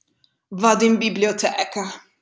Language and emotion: Italian, disgusted